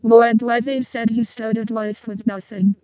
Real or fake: fake